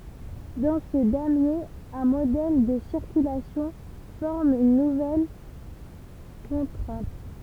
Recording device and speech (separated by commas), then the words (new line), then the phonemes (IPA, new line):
temple vibration pickup, read sentence
Dans ce damier, un modèle de circulation forme une nouvelle contrainte.
dɑ̃ sə damje œ̃ modɛl də siʁkylasjɔ̃ fɔʁm yn nuvɛl kɔ̃tʁɛ̃t